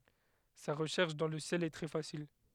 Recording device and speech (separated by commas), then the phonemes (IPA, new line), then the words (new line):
headset microphone, read sentence
sa ʁəʃɛʁʃ dɑ̃ lə sjɛl ɛ tʁɛ fasil
Sa recherche dans le ciel est très facile.